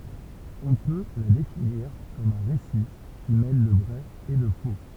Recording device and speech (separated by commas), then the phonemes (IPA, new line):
temple vibration pickup, read sentence
ɔ̃ pø la definiʁ kɔm œ̃ ʁesi ki mɛl lə vʁɛ e lə fo